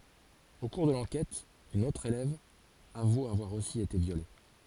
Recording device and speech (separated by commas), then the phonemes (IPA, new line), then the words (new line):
forehead accelerometer, read sentence
o kuʁ də lɑ̃kɛt yn otʁ elɛv avu avwaʁ osi ete vjole
Au cours de l'enquête, une autre élève avoue avoir aussi été violée.